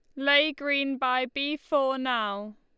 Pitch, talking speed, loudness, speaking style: 275 Hz, 150 wpm, -26 LUFS, Lombard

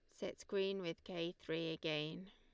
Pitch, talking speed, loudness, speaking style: 170 Hz, 170 wpm, -43 LUFS, Lombard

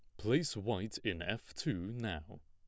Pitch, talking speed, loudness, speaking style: 105 Hz, 160 wpm, -38 LUFS, plain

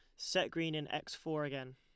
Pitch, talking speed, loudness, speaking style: 150 Hz, 230 wpm, -38 LUFS, Lombard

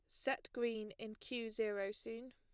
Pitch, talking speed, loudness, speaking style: 225 Hz, 170 wpm, -43 LUFS, plain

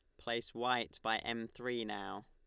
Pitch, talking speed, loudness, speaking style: 115 Hz, 175 wpm, -39 LUFS, Lombard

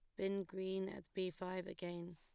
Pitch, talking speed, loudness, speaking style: 185 Hz, 185 wpm, -44 LUFS, plain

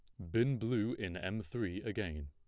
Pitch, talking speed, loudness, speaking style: 105 Hz, 185 wpm, -37 LUFS, plain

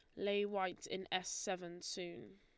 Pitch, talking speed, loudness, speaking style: 185 Hz, 165 wpm, -42 LUFS, Lombard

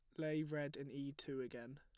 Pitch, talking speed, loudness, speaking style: 140 Hz, 230 wpm, -45 LUFS, plain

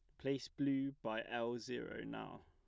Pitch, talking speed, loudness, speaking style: 125 Hz, 160 wpm, -42 LUFS, plain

